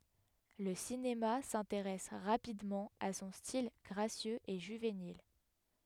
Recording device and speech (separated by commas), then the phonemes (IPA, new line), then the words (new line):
headset microphone, read sentence
lə sinema sɛ̃teʁɛs ʁapidmɑ̃ a sɔ̃ stil ɡʁasjøz e ʒyvenil
Le cinéma s'intéresse rapidement à son style gracieux et juvénile.